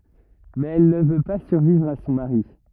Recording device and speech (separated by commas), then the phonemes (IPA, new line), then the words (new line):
rigid in-ear microphone, read sentence
mɛz ɛl nə vø pa syʁvivʁ a sɔ̃ maʁi
Mais elle ne veut pas survivre à son mari.